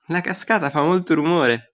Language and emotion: Italian, happy